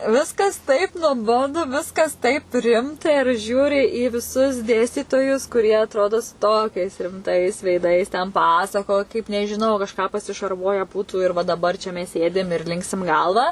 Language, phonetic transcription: Lithuanian, ˈviskas taip nuoˈbodu ˈviskas taip ˈrimta ir ˈžiūri į viˈsus ˈdėstytojus kuˈrie atˈrodo su ˈtokiais rimˈtais veiˈdais ten ˈpasakoj kaip nežiˈnau kažˈką pasišarˈvuoje ˈbūtu ir va daˈbar čia ˈmes ˈsėdim ir ˈlinksim ˈgalva

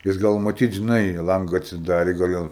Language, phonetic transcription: Lithuanian, jis ˈgal maˈtyt žiˈnai ˈlanga atsiˈdarė gal' ˈjam

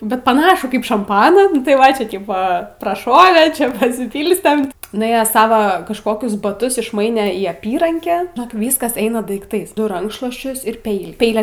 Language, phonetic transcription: Lithuanian, bet paˈnašų ˈkaip šamˈpaną nu tai ˈva ˈčia ˈtypo praˈšovė ˈčia pasiˈpylstem nuˈėjęs ˈsava kažˈkokius baˈtus išˈmaine į ˈapyrankę žiˈnok ˈvyskas ˈeina daikˈtais nu ˈrankšluosčius ir ˈpeilį ˈpeile

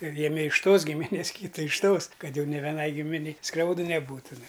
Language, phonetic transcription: Lithuanian, ˈjemi iš ˈtos gimiˈnės ˈkyta iš ˈtos ˈkad ˈjau ni veˈnai ˈgiminei ˈskriaudɨ ˈneˈbūtu nu

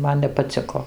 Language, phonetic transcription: Lithuanian, ˈman nepaˈciko

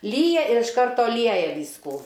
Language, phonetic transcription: Lithuanian, ˈlyja ir iš ˈkarto ˈlieja ˈvyskų

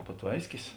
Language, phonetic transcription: Lithuanian, paˈtvaiskis

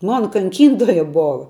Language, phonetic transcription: Lithuanian, ˈmona kanˈkyntoja ˈbova

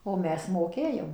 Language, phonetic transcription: Lithuanian, o ˈmes moˈkėjom

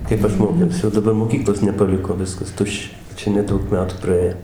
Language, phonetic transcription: Lithuanian, ˈkaip aš ˈmokiausi o daˈbar moˈkyklos nepaˈliko ˈviskas ˈtuščia ˈčia neˈdaug ˈmetų praˈė

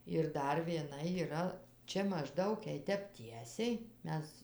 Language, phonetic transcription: Lithuanian, ir ˈdar vieˈna yˈra ˈčia mažˈdaug jei ˈtep ˈtiesiai ˈmes

